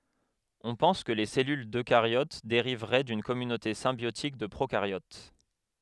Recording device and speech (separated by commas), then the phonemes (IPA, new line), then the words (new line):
headset microphone, read sentence
ɔ̃ pɑ̃s kə le sɛlyl døkaʁjot deʁivʁɛ dyn kɔmynote sɛ̃bjotik də pʁokaʁjot
On pense que les cellules d'eucaryotes dériveraient d'une communauté symbiotiques de procaryotes.